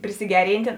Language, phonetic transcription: Lithuanian, prisiˈgeryntė

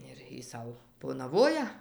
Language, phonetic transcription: Lithuanian, ir ˈjy ˈsau ponaˈvoja

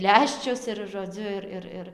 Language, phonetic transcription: Lithuanian, ˈleščius ir žoˈdziu ir ˈir ˈir

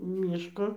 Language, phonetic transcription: Lithuanian, ˈmyško

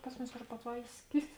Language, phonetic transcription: Lithuanian, ˈpas muˌmis patˈvaisˌkis

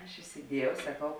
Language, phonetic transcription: Lithuanian, aš isiˈdiejau saˈkau

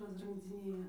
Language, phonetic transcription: Lithuanian, rasrɨnkdziˈnėja

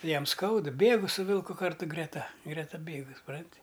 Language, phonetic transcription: Lithuanian, ˈjam ˈskauda ˈbėgu su ˈvilku ˈkartu greˈta ˈgreta ˈbėgu suˈpranti

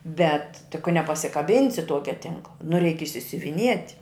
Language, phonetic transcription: Lithuanian, ˈbet tik ka nepasikaˈbinsi ˈtuokia ˈtinkla nu reik išsiuviˈniet'

